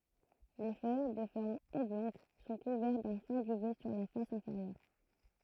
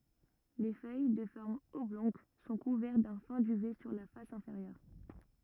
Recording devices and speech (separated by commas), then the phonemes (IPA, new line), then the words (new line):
throat microphone, rigid in-ear microphone, read sentence
le fœj də fɔʁm ɔblɔ̃ɡ sɔ̃ kuvɛʁt dœ̃ fɛ̃ dyvɛ syʁ la fas ɛ̃feʁjœʁ
Les feuilles de forme oblongue sont couvertes d'un fin duvet sur la face inférieure.